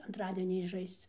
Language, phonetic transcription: Lithuanian, antˈradieniaisˈžaisc

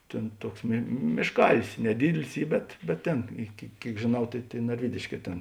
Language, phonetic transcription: Lithuanian, ˈtėn ˈtuoks mė mėšˈkalis neˈdydilis ˈy bet bet ˈtėn iki ˈkėik žėˈnau tėi tėi narˈvydėšˌkē tėn

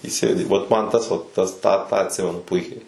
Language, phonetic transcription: Lithuanian, įˈsėdi vat ˈman ˈtas vat ˈtas ˈtą tą atˈsimenu ˈpuikiai

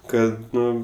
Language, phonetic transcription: Lithuanian, ˈkad ˈnu

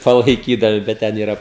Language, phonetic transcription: Lithuanian, palaiˈkydami bet ˈten yˈra

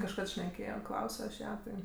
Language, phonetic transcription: Lithuanian, kažˈkad šneˈkėjo ˈklausio aš ˈją ˈtai

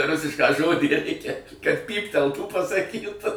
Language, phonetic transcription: Lithuanian, ˈrusišką ˈžodį ˈreikia kad ˈpypteltų pasaˈkyt

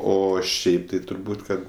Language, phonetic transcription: Lithuanian, ˈo ˈšiaip tai turˈbūt' ˈkad

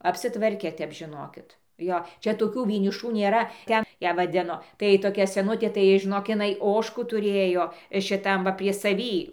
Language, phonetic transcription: Lithuanian, apsiˈtvarke ˈtep žiˈnokit ˈjo ˈčia toˈkių vieniˈšų nėˈra ˈten ˈją vaˈdino tai toˈkia seˈnutė tai žiˈnok iˈnai ˈožkų tuˈrėjo šiˈtam va prie saˈvį

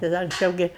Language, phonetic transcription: Lithuanian, tai ˈda anksˈčiau ˈgi

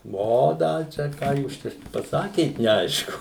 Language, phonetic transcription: Lithuanian, ˈvo da ˈčia ˈką jūs ˈčia paˈsakėt neˈaišku

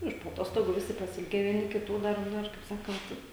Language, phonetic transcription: Lithuanian, ˈiš po aˈtostogų ˈvisi pasiˈilgę vieˈni kiˈtų ˈdar ˈnor kaip ˈsakant

